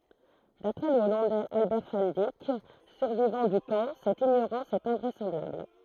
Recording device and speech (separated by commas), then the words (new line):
throat microphone, read sentence
D'après le Hollandais Albert van Dijk, survivant du camp, cette ignorance est invraisemblable.